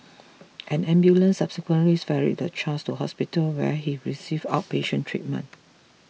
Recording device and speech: mobile phone (iPhone 6), read sentence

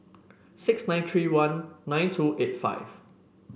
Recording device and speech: boundary microphone (BM630), read sentence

